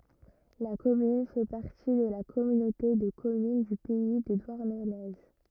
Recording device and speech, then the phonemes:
rigid in-ear microphone, read sentence
la kɔmyn fɛ paʁti də la kɔmynote də kɔmyn dy pɛi də dwaʁnəne

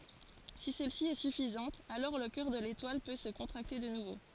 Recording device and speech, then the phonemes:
forehead accelerometer, read sentence
si sɛlsi ɛ syfizɑ̃t alɔʁ lə kœʁ də letwal pø sə kɔ̃tʁakte də nuvo

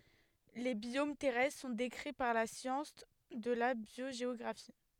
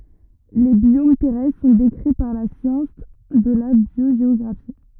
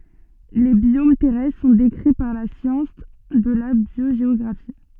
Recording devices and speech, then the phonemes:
headset microphone, rigid in-ear microphone, soft in-ear microphone, read sentence
le bjom tɛʁɛstʁ sɔ̃ dekʁi paʁ la sjɑ̃s də la bjoʒeɔɡʁafi

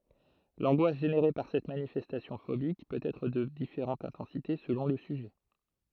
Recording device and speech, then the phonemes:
throat microphone, read sentence
lɑ̃ɡwas ʒeneʁe paʁ sɛt manifɛstasjɔ̃ fobik pøt ɛtʁ də difeʁɑ̃t ɛ̃tɑ̃site səlɔ̃ lə syʒɛ

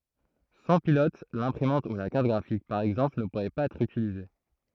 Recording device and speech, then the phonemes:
throat microphone, read sentence
sɑ̃ pilɔt lɛ̃pʁimɑ̃t u la kaʁt ɡʁafik paʁ ɛɡzɑ̃pl nə puʁɛ paz ɛtʁ ytilize

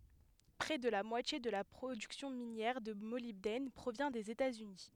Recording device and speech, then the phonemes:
headset microphone, read sentence
pʁɛ də la mwatje də la pʁodyksjɔ̃ minjɛʁ də molibdɛn pʁovjɛ̃ dez etaz yni

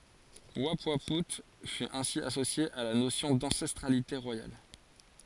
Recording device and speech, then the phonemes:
forehead accelerometer, read sentence
upwau fy ɛ̃si asosje a la nosjɔ̃ dɑ̃sɛstʁalite ʁwajal

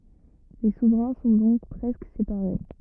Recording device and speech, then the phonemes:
rigid in-ear microphone, read sentence
le suvʁɛ̃ sɔ̃ dɔ̃k pʁɛskə sepaʁe

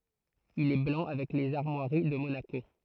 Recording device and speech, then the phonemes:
throat microphone, read sentence
il ɛ blɑ̃ avɛk lez aʁmwaʁi də monako

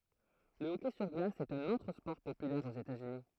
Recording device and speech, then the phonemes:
throat microphone, read sentence
lə ɔkɛ syʁ ɡlas ɛt œ̃n otʁ spɔʁ popylɛʁ oz etatsyni

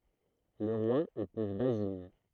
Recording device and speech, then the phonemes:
throat microphone, read sentence
lə ʁwa epuz bazin

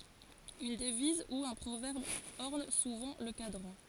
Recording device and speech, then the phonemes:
forehead accelerometer, read sentence
yn dəviz u œ̃ pʁovɛʁb ɔʁn suvɑ̃ lə kadʁɑ̃

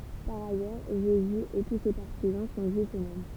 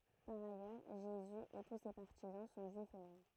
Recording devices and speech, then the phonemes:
temple vibration pickup, throat microphone, read sentence
paʁ ajœʁ ʒezy e tu se paʁtizɑ̃ sɔ̃ ʒyifz øksmɛm

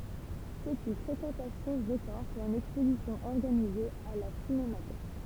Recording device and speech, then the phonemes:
temple vibration pickup, read sentence
sɛt yn fʁekɑ̃tasjɔ̃ ʁəkɔʁ puʁ yn ɛkspozisjɔ̃ ɔʁɡanize a la sinematɛk

